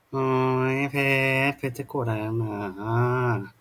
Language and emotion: Thai, frustrated